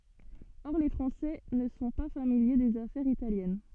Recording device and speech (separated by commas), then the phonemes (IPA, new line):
soft in-ear microphone, read sentence
ɔʁ le fʁɑ̃sɛ nə sɔ̃ pa familje dez afɛʁz italjɛn